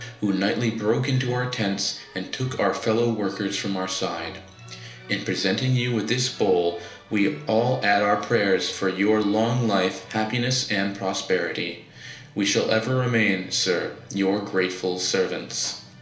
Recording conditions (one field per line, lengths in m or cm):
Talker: one person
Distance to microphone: 1.0 m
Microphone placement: close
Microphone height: 1.1 m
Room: small (3.7 m by 2.7 m)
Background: music